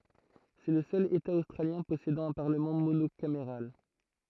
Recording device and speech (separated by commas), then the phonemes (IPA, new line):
throat microphone, read sentence
sɛ lə sœl eta ostʁaljɛ̃ pɔsedɑ̃ œ̃ paʁləmɑ̃ monokameʁal